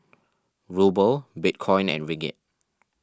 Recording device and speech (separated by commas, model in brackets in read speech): standing microphone (AKG C214), read sentence